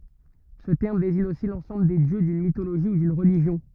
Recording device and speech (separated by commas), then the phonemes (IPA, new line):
rigid in-ear microphone, read sentence
sə tɛʁm deziɲ osi lɑ̃sɑ̃bl de djø dyn mitoloʒi u dyn ʁəliʒjɔ̃